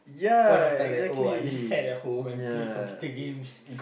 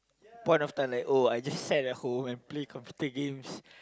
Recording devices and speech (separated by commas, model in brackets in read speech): boundary microphone, close-talking microphone, conversation in the same room